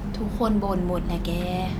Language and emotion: Thai, frustrated